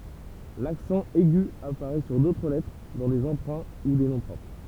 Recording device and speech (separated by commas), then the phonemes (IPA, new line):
temple vibration pickup, read sentence
laksɑ̃ ɛɡy apaʁɛ syʁ dotʁ lɛtʁ dɑ̃ de ɑ̃pʁɛ̃ u de nɔ̃ pʁɔpʁ